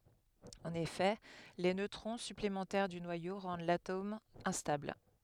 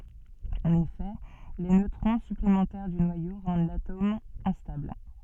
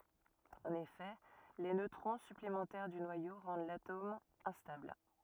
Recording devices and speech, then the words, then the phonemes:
headset microphone, soft in-ear microphone, rigid in-ear microphone, read sentence
En effet, les neutrons supplémentaires du noyau rendent l'atome instable.
ɑ̃n efɛ le nøtʁɔ̃ syplemɑ̃tɛʁ dy nwajo ʁɑ̃d latom ɛ̃stabl

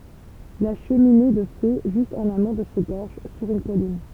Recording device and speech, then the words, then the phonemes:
temple vibration pickup, read sentence
La cheminée de fées, juste en amont de ces gorges, sur une colline.
la ʃəmine də fe ʒyst ɑ̃n amɔ̃ də se ɡɔʁʒ syʁ yn kɔlin

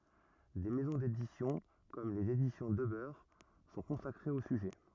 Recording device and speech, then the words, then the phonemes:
rigid in-ear microphone, read sentence
Des maisons d'édition, comme Les Éditions Debeur, sont consacrées au sujet.
de mɛzɔ̃ dedisjɔ̃ kɔm lez edisjɔ̃ dəbœʁ sɔ̃ kɔ̃sakʁez o syʒɛ

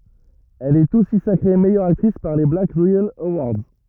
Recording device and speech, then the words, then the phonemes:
rigid in-ear microphone, read sentence
Elle est aussi sacrée meilleure actrice par les Black Reel Awards.
ɛl ɛt osi sakʁe mɛjœʁ aktʁis paʁ le blak ʁeɛl əwaʁdz

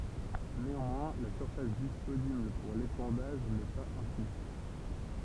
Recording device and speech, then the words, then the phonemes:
temple vibration pickup, read sentence
Néanmoins, la surface disponible pour l'épandage n'est pas infinie.
neɑ̃mwɛ̃ la syʁfas disponibl puʁ lepɑ̃daʒ nɛ paz ɛ̃fini

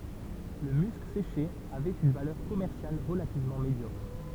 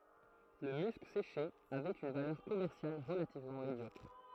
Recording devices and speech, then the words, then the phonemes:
temple vibration pickup, throat microphone, read sentence
Le musc séché avait une valeur commerciale relativement médiocre.
lə mysk seʃe avɛt yn valœʁ kɔmɛʁsjal ʁəlativmɑ̃ medjɔkʁ

